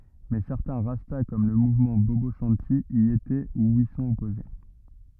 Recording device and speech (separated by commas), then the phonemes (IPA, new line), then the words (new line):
rigid in-ear microphone, read sentence
mɛ sɛʁtɛ̃ ʁasta kɔm lə muvmɑ̃ bobo ʃɑ̃ti i etɛ u i sɔ̃t ɔpoze
Mais certains Rastas, comme le mouvement Bobo Shanti, y étaient ou y sont opposés.